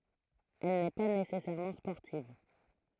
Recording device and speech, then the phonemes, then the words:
throat microphone, read sentence
ɛl nɛ pa nesɛsɛʁmɑ̃ spɔʁtiv
Elle n'est pas nécessairement sportive.

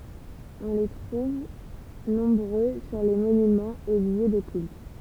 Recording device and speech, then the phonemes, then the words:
temple vibration pickup, read sentence
ɔ̃ le tʁuv nɔ̃bʁø syʁ le monymɑ̃z e ljø də kylt
On les trouve nombreux sur les monuments et lieux de cultes.

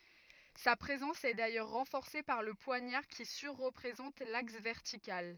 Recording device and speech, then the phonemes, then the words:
rigid in-ear microphone, read sentence
sa pʁezɑ̃s ɛ dajœʁ ʁɑ̃fɔʁse paʁ lə pwaɲaʁ ki syʁ ʁəpʁezɑ̃t laks vɛʁtikal
Sa présence est d’ailleurs renforcée par le poignard qui sur-représente l’axe vertical.

